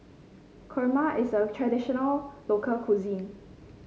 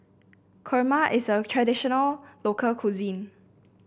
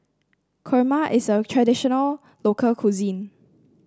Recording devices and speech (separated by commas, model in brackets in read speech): mobile phone (Samsung C5), boundary microphone (BM630), standing microphone (AKG C214), read sentence